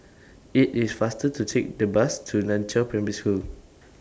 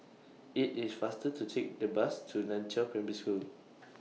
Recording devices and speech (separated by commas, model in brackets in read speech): standing microphone (AKG C214), mobile phone (iPhone 6), read sentence